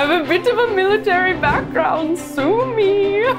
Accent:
Dutch accent